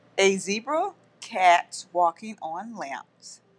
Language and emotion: English, angry